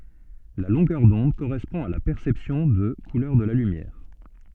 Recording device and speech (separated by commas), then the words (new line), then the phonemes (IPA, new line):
soft in-ear microphone, read sentence
La longueur d'onde correspond à la perception de couleur de la lumière.
la lɔ̃ɡœʁ dɔ̃d koʁɛspɔ̃ a la pɛʁsɛpsjɔ̃ də kulœʁ də la lymjɛʁ